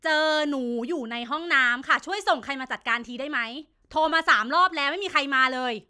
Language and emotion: Thai, angry